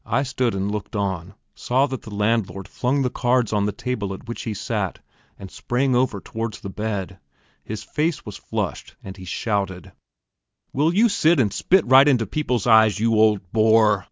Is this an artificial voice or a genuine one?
genuine